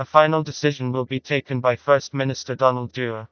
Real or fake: fake